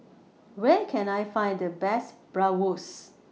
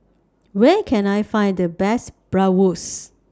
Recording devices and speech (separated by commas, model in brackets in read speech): mobile phone (iPhone 6), standing microphone (AKG C214), read sentence